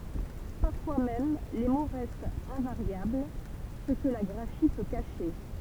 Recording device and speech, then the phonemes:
temple vibration pickup, read sentence
paʁfwa mɛm le mo ʁɛstt ɛ̃vaʁjabl sə kə la ɡʁafi pø kaʃe

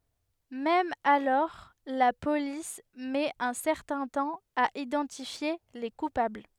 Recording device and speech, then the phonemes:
headset microphone, read sentence
mɛm alɔʁ la polis mɛt œ̃ sɛʁtɛ̃ tɑ̃ a idɑ̃tifje le kupabl

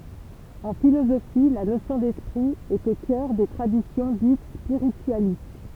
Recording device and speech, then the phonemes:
temple vibration pickup, read sentence
ɑ̃ filozofi la nosjɔ̃ dɛspʁi ɛt o kœʁ de tʁadisjɔ̃ dit spiʁityalist

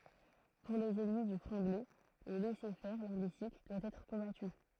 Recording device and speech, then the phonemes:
throat microphone, read sentence
puʁ lez ɛnmi dy fʁɑ̃ɡlɛ lə lɛsɛʁfɛʁ lɛ̃ɡyistik dwa ɛtʁ kɔ̃baty

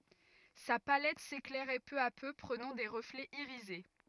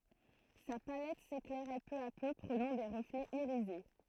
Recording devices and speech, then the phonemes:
rigid in-ear microphone, throat microphone, read sentence
sa palɛt seklɛʁɛ pø a pø pʁənɑ̃ de ʁəflɛz iʁize

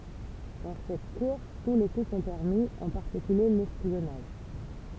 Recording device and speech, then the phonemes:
temple vibration pickup, read sentence
dɑ̃ sɛt kuʁs tu le ku sɔ̃ pɛʁmi ɑ̃ paʁtikylje lɛspjɔnaʒ

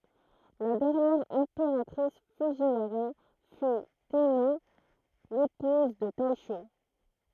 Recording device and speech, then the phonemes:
throat microphone, read sentence
la dɛʁnjɛʁ ɛ̃peʁatʁis fudʒiwaʁa fy tɛmɛ epuz də tɛʃo

